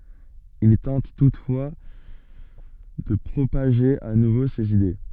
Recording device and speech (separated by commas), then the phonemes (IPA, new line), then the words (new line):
soft in-ear microphone, read sentence
il tɑ̃t tutfwa də pʁopaʒe a nuvo sez ide
Il tente toutefois de propager à nouveau ses idées.